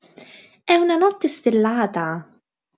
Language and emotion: Italian, surprised